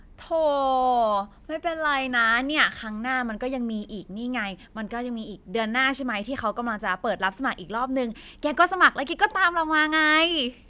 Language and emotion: Thai, neutral